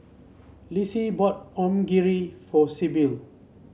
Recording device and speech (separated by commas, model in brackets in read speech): mobile phone (Samsung C7), read sentence